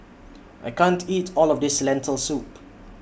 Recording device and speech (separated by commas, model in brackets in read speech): boundary microphone (BM630), read sentence